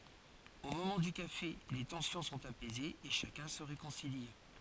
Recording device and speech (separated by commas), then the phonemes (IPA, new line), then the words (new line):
forehead accelerometer, read sentence
o momɑ̃ dy kafe le tɑ̃sjɔ̃ sɔ̃t apɛzez e ʃakœ̃ sə ʁekɔ̃sili
Au moment du café, les tensions sont apaisées et chacun se réconcilie.